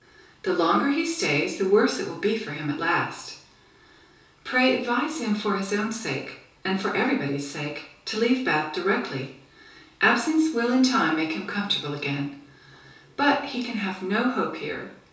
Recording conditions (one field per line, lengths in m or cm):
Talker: one person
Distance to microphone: 3.0 m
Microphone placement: far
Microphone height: 1.8 m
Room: small (3.7 m by 2.7 m)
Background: none